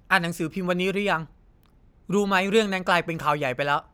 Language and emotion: Thai, neutral